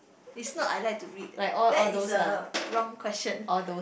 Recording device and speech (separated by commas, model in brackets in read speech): boundary microphone, conversation in the same room